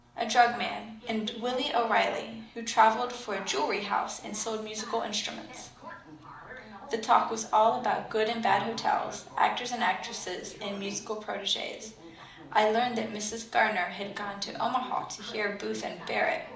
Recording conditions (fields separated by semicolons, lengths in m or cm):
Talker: one person; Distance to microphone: 2.0 m; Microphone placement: close; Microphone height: 99 cm; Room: medium-sized (5.7 m by 4.0 m); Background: television